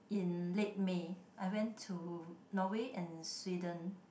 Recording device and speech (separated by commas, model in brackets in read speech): boundary microphone, conversation in the same room